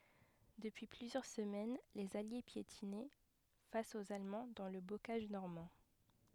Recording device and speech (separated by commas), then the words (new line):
headset microphone, read sentence
Depuis plusieurs semaines, les Alliés piétinaient face aux Allemands dans le bocage normand.